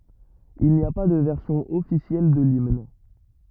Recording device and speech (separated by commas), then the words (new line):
rigid in-ear microphone, read sentence
Il n'y a pas de version officielle de l'hymne.